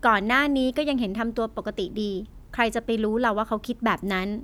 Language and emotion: Thai, neutral